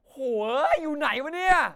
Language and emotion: Thai, angry